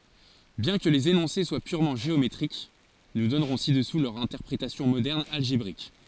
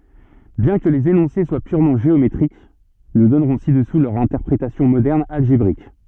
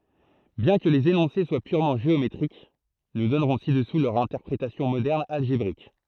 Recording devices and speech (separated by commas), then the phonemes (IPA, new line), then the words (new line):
forehead accelerometer, soft in-ear microphone, throat microphone, read sentence
bjɛ̃ kə lez enɔ̃se swa pyʁmɑ̃ ʒeometʁik nu dɔnʁɔ̃ sidɛsu lœʁ ɛ̃tɛʁpʁetasjɔ̃ modɛʁn alʒebʁik
Bien que les énoncés soient purement géométriques, nous donnerons ci-dessous leur interprétation moderne algébrique.